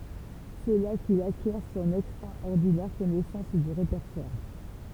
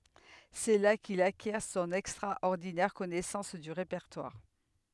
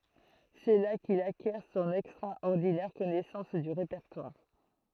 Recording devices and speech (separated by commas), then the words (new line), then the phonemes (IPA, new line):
temple vibration pickup, headset microphone, throat microphone, read sentence
C'est là qu'il acquiert son extraordinaire connaissance du répertoire.
sɛ la kil akjɛʁ sɔ̃n ɛkstʁaɔʁdinɛʁ kɔnɛsɑ̃s dy ʁepɛʁtwaʁ